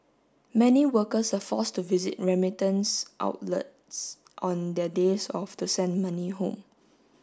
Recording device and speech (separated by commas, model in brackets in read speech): standing microphone (AKG C214), read sentence